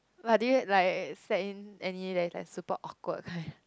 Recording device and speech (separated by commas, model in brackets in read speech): close-talking microphone, conversation in the same room